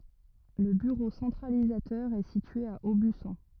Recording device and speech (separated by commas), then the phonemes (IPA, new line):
rigid in-ear microphone, read sentence
lə byʁo sɑ̃tʁalizatœʁ ɛ sitye a obysɔ̃